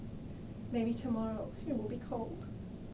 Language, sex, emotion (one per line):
English
female
sad